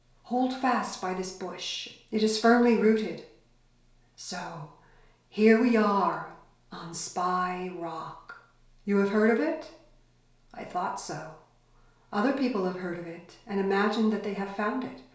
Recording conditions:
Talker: one person; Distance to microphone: 1.0 m; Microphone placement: close; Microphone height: 1.1 m; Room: small (3.7 m by 2.7 m); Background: none

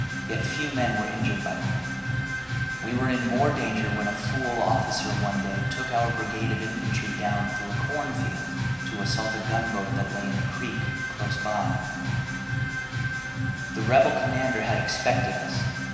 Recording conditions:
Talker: one person; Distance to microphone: 1.7 m; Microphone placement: close; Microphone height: 1.0 m; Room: very reverberant, large; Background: music

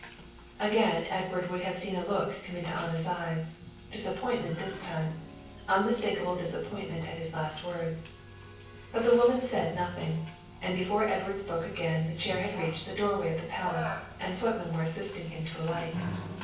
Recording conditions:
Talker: one person; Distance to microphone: 9.8 m; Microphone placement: far; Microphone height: 1.8 m; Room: large; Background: television

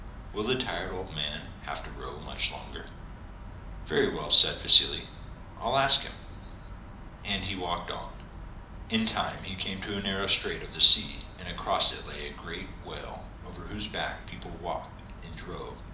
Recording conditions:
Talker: one person; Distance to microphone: 2.0 m; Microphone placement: close; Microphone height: 99 cm; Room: medium-sized (5.7 m by 4.0 m); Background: none

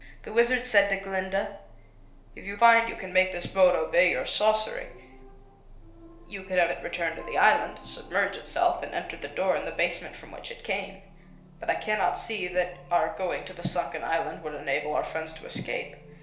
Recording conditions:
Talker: one person; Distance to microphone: 1.0 m; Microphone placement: close; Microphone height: 1.1 m; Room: small (3.7 m by 2.7 m); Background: television

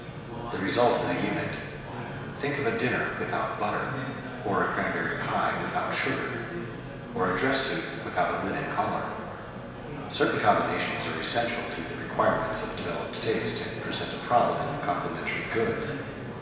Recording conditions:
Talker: one person; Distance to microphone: 1.7 m; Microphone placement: close; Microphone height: 1.0 m; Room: very reverberant, large; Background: babble

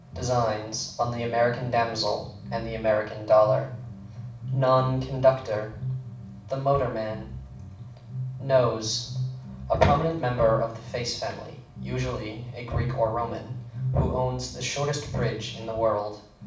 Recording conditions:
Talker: one person; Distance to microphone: 5.8 m; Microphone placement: far; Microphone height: 1.8 m; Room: medium-sized (5.7 m by 4.0 m); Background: music

